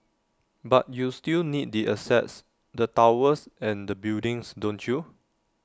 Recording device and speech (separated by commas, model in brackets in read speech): standing microphone (AKG C214), read sentence